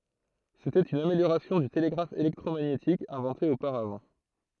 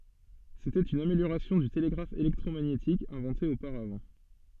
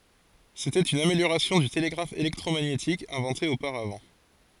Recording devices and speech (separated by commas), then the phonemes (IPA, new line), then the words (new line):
throat microphone, soft in-ear microphone, forehead accelerometer, read sentence
setɛt yn ameljoʁasjɔ̃ dy teleɡʁaf elɛktʁomaɲetik ɛ̃vɑ̃te opaʁavɑ̃
C’était une amélioration du télégraphe électromagnétique inventé auparavant.